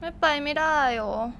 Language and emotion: Thai, sad